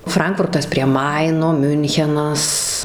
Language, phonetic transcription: Lithuanian, ˈfrankfurtas prie ˈmaino ˈmiunchenas

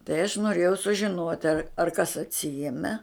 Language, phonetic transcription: Lithuanian, tai aš noˈrėjau sužiˈnuot' ar ar kas atˈsieme

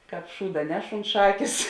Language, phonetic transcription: Lithuanian, ˈkāp ˈšūda ˈneš unt ˈšakės

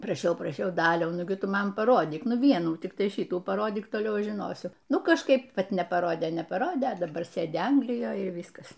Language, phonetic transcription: Lithuanian, praˈšiau praˈšiau ˈdaliau ˈnugi ˈtu ˈman paˈrodyk ˈnu ˈvienų tikˈtai ˈšytų paˈrodyk toˈliau ˈaš žiˈnosiu ˈnu kažˈkaip ˈvat nepaˈrodė nepaˈrodė a daˈbar ˈsėdi ˈanglijoj ir ˈvyskas

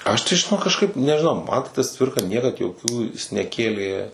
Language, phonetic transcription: Lithuanian, ˈaš tai žiˈnok kažˈkaip nežiˈnau ˈman tai tas ˈcvirka ˈniekad joˈkių jis neˈkėlė

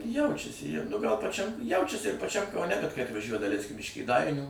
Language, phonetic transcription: Lithuanian, ˈjaučiasi jau nu gal paˈčiam ˈjaučiasi ir paˈčiam kauˈne kad kai atvaˈžiuoja daˈleiskim iš kėˈdainių

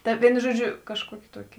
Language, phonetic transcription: Lithuanian, ˈta ˈvienu ˈžuoˌdžiu kažˈkuokė ˈtuokė

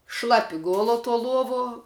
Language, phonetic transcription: Lithuanian, ˈšlapi ˈgolo tuo ˈluovo

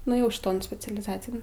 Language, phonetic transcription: Lithuanian, nuėˈjau šˈiton specialiˈzacijan

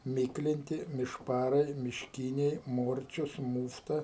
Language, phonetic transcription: Lithuanian, ˈmyklinti mišˈparai mišˈkyniai ˈmorčius ˈmūfta

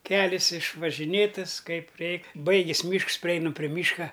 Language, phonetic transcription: Lithuanian, ˈkelis išvažiˈnėtas ˈkaip ˈreik ˈbaigės ˈmyšks priˈeinam pri ˈmyška

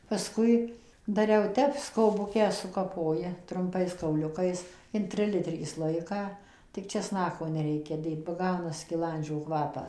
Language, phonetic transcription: Lithuanian, paˈskui daˈriau ˈtep skoˈbukę sukaˈpoji trumˈpais kauˈliukais in ˈtrilitrį ˈslojiką tik česˈnako neˈreikia ˈdėt ba ˈgauna skiˈlandžio ˈkvapa

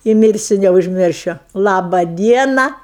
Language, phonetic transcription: Lithuanian, i ˈmirsiu neužˈmiršiu ˈlaba ˈdiena

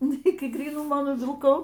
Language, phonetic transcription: Lithuanian, ˈnu ˈiki gryˈnumo nuvilˈkau

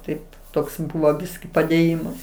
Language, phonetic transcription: Lithuanian, ˈtai ˈtoks ˈbuvo ˈbiski padėˈjimas

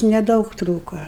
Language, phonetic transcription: Lithuanian, neˈdaug ˈtrūko

